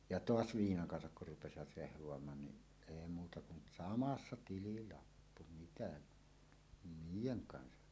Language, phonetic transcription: Finnish, ja "toas "viinaŋ 'kansak kur rupesivat 'rehv̀oamaan ni , èi muuta kun , "samassa 'tililappu mitä , "niijeŋ 'kansa .
- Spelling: ja taas viinan kanssa kun rupesivat rehvaamaan niin ei muuta kuin samassa tililappu mitä niiden kanssa

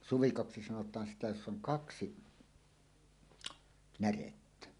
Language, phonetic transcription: Finnish, suvikoksi 'sanot̀aan sitä joss ‿oŋ "kaksi , "närettä .
- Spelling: suvikoksi sanotaan sitä jossa on kaksi närettä

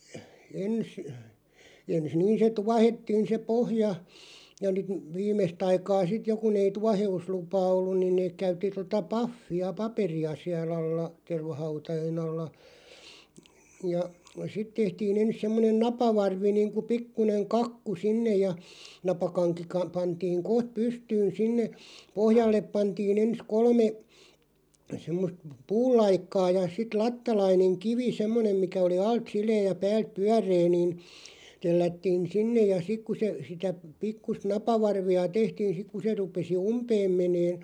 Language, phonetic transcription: Finnish, 'ens , ens 'niin se "tuahettiin se 'pohja , ja (nyt) , 'viimest ‿aikaa sit 'jo kun ‿ei "tuahe₍uslupaa ollun niin 'neek 'käytti tota "paffi₍a "paperi₍a siä'l ‿alla , 'tervahautajen ‿alla , ja , 'sit tehtii'n ‿ens semmonen "napavarvi niiŋku 'pikkuneŋ "kakku 'sinnej̆ ja , 'napakaŋki ka- 'pantiiŋ "koht 'pystyyn 'sinne , 'pohjallep 'pantiin ‿ens 'kolme , semmost "puul̆laikkaa ja , sit 'lattalaineŋ "kivi 'semmonem mikä oli 'alt "silee ja 'pääl(t) "pyär̆ree niin , 'tellättiin "sinnej̆ ja 'sik ku se , sitä , 'pikkust "napavarvi₍a 'tehtiin 'siᵏ ku se 'rupesi "umpeem 'meneen ,.
- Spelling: ensin ensin niin se tuohettiin se pohja ja nyt viimeistä aikaa sitten jo kun ei tuoheuslupaa ollut niin ne käytti tuota pahvia paperia siellä alla tervahautojen alla ja sitten tehtiin ensin semmoinen napavarvi niin kuin pikkuinen kakku sinne ja napakanki - pantiin kohta pystyyn sinne pohjalle pantiin ensin kolme semmoista puulaikkaa ja sitten lattalainen kivi semmoinen mikä oli alta sileä ja päältä pyöreä niin tellättiin sinne ja sitten kun se sitä pikkuista napavarvia tehtiin sinne kun se rupesi umpeen menemään

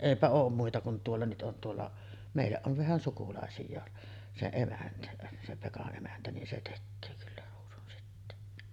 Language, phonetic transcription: Finnish, 'èipä oom muita kun 'tuolla nyt ’on tuolla , 'mèij̆jäˀ ˀov vähän sukulàesij̆jaa , 'se 'emäntä , se 'Peka’ ’emäntä nin se 'tekköö kyllä ruusunsitteen .
- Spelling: eipä ole muita kuin tuolla nyt on tuolla meidän on vähän sukulaisia se emäntä se Pekan emäntä niin se tekee kyllä ruusunsiteen

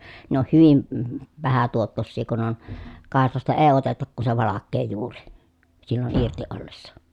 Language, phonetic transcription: Finnish, ne on hyvim m- , vähä tuottossii kun ‿on , kàeslasta ee otetak ku se valakkee juuri , sillon irti ollessa .
- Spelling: ne on hyvin - vähän tuottoisia kun on kaislasta ei oteta kuin se valkea juuri silloin irti ollessa

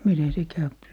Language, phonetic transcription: Finnish, 'miten se 'käyp .
- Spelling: miten se käy

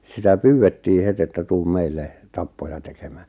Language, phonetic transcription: Finnish, 'sitä "pyywettii 'het ‿että » 'tuum 'meille , 'tappoja tekᴇᴍᴀ̈ᴀ̈ « .
- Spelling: sitä pyydettiin heti että tule meille tappoja tekemään

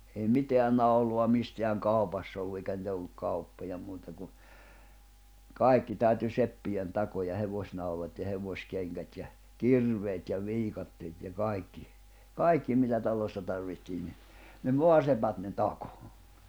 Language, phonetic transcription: Finnish, ei 'miteän naulo̭a 'misteäŋ "kàu̬pass ‿ollu eikä nⁱtä olluk 'kauppoja muuta ku , "kài̬kki tä̀yty 'seppijen 'takoja 'hevośnaulat ja 'hevośkeŋkät ja , "kirveet ja 'viikatteet ja 'kaikki , "kaikki mitä 'talossa tarvihtii ni , ne "moasepät ne "takᴏ .
- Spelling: ei mitään naulaa mistään kaupassa ollut eikä niitä ollut kauppoja muuta kuin kaikki täytyi seppien takoa hevosnaulat ja hevoskengät ja kirveet ja viikatteet ja kaikki kaikki mitä talossa tarvitsee niin ne sepät ne takoi

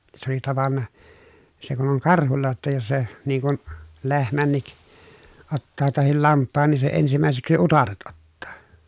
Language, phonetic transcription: Finnish, se ‿oli tavanna , se kun oŋ karhulla jotta jos se , niŋ kun , lehmännik , ottaa tahil lamppaan nii se ensimä̀eseksi utaret ottaa .
- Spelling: se oli tavannut se kun on karhulla jotta jos se niin kuin lehmänkin ottaa tai lampaan niin se ensimmäiseksi utareet ottaa

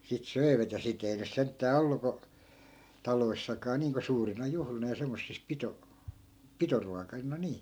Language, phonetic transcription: Finnish, (si-) , sit 'söi̮vät ja si't ‿ei nys 'senttää "ollu ko , 'taloissakaa niiŋko 'suurina 'juhlina ja 'semmossis 'pito- , "pitoruakaina 'nii .
- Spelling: - sitten söivät ja sitä ei nyt sentään ollut kun taloissakaan niin kuin suurina juhlina ja semmoisissa - pitoruokina niin

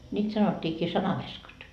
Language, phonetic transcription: Finnish, ńiit sanot́t́iikii 'sanaveskat .
- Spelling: niitä sanottiinkin sanaveskat

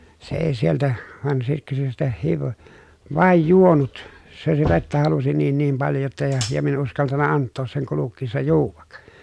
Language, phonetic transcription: Finnish, se èi sieltä , van sitte se sitä hiv- , vàej juonut , se si- vettä halusi niin niim paljo jotta ja , ja min ‿en uskaltanna anttoos seŋ kulukkiissa juuvak .
- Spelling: se ei sieltä vaan sitten se sitä - vain juonut se - vettä halusi niin niin paljon jotta ja ja minä en uskaltanut antaa sen kulkiessa juoda

